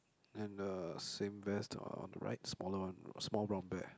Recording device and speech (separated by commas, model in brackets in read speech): close-talking microphone, conversation in the same room